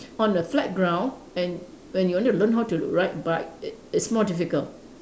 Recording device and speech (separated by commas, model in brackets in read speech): standing microphone, conversation in separate rooms